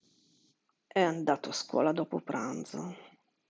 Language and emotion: Italian, sad